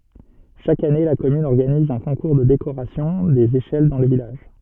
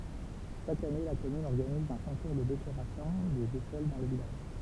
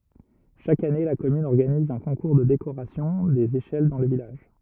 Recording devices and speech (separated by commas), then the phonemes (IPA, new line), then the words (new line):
soft in-ear microphone, temple vibration pickup, rigid in-ear microphone, read sentence
ʃak ane la kɔmyn ɔʁɡaniz œ̃ kɔ̃kuʁ də dekoʁasjɔ̃ dez eʃɛl dɑ̃ lə vilaʒ
Chaque année, la commune organise un concours de décoration des échelles dans le village.